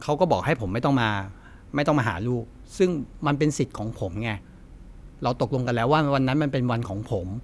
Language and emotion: Thai, frustrated